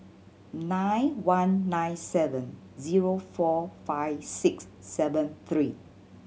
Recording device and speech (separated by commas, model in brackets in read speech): mobile phone (Samsung C7100), read sentence